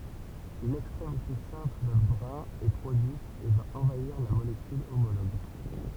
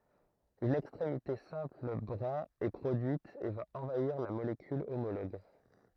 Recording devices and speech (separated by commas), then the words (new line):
temple vibration pickup, throat microphone, read sentence
Une extrémité simple brin est produite et va envahir la molécule homologue.